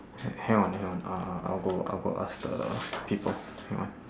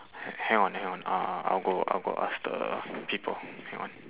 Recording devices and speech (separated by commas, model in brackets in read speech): standing microphone, telephone, conversation in separate rooms